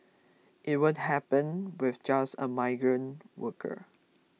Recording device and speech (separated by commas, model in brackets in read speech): mobile phone (iPhone 6), read sentence